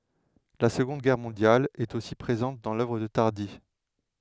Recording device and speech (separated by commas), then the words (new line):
headset microphone, read sentence
La Seconde Guerre mondiale est aussi présente dans l'œuvre de Tardi.